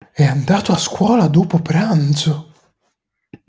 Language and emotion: Italian, surprised